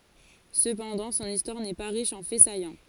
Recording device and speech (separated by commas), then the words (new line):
forehead accelerometer, read sentence
Cependant, son histoire n’est pas riche en faits saillants.